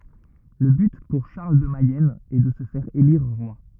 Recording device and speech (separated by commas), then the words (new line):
rigid in-ear microphone, read sentence
Le but pour Charles de Mayenne est de se faire élire roi.